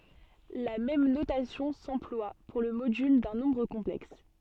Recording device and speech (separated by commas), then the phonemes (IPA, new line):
soft in-ear microphone, read sentence
la mɛm notasjɔ̃ sɑ̃plwa puʁ lə modyl dœ̃ nɔ̃bʁ kɔ̃plɛks